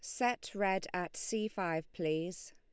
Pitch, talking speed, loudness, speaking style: 190 Hz, 155 wpm, -36 LUFS, Lombard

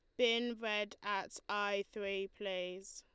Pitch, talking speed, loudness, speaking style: 205 Hz, 130 wpm, -38 LUFS, Lombard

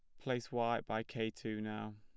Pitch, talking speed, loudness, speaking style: 110 Hz, 205 wpm, -40 LUFS, plain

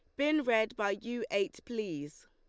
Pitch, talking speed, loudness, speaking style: 220 Hz, 175 wpm, -33 LUFS, Lombard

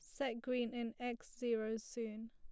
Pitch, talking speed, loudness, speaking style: 235 Hz, 170 wpm, -42 LUFS, plain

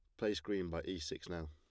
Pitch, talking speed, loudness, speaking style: 85 Hz, 275 wpm, -41 LUFS, plain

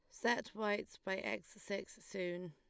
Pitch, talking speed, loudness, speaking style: 200 Hz, 155 wpm, -41 LUFS, Lombard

